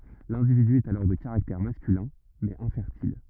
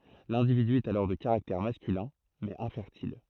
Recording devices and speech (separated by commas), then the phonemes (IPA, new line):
rigid in-ear microphone, throat microphone, read sentence
lɛ̃dividy ɛt alɔʁ də kaʁaktɛʁ maskylɛ̃ mɛz ɛ̃fɛʁtil